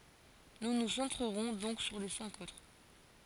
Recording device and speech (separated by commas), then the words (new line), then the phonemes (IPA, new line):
forehead accelerometer, read sentence
Nous nous centrerons donc sur les cinq autres.
nu nu sɑ̃tʁəʁɔ̃ dɔ̃k syʁ le sɛ̃k otʁ